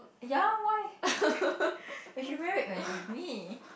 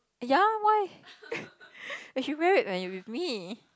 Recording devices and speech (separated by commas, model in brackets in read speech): boundary microphone, close-talking microphone, conversation in the same room